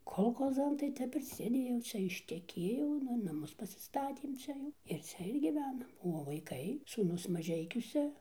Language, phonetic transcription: Lithuanian, kolˈchozan tai ˈtep ir sėˈdėjau ˈčia išteˈkėjau ˈnu naˈmus pasiˈstatėm ˈčia jau ir ˈcia ir gyˈvenam o vaiˈkai sūˈnus maˈžeikiuse

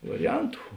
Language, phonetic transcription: Lithuanian, variˈjantu

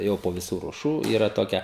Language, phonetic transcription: Lithuanian, ˈjau po viˈsų ruoˈšų ˈyra ˈtokia

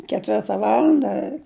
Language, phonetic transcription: Lithuanian, keˈtvirta ˈvalanda

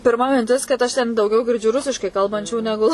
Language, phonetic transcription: Lithuanian, pirˈma minˈtis kad ˈaš ten dauˈgiau girˈdžiu ˈrusiškai ˈkalbančių neˈgu

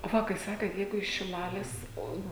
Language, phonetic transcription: Lithuanian, o ˈva kai ˈsakėt ˈjeigu iš šiˈlalės ˈo

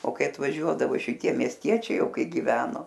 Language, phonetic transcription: Lithuanian, o ˈkai atvaˈžiuodavo šiˈtie miesˈtiečiai ˈjau ˈkai giˈveno

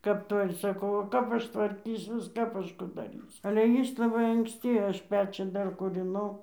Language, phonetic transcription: Lithuanian, kap ˈtoj ir saˈkau o ˈkap ˈaš tvarˈkysiuos ˈkap ˈaš ˈku daˈrysiu ale ˈjis laˈbai anksˈti ˈaš ˈpečių ˈdar kūriˈnau

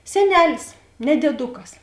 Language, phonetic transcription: Lithuanian, seˈnelis ne dėˈdukas

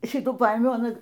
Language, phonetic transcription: Lithuanian, ˈšitų ˈpaėmiau aˈna

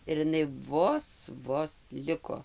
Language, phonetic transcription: Lithuanian, ir iˈnai ˈvos ˈvos ˈliko

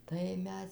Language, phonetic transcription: Lithuanian, ˈtai ˈmes

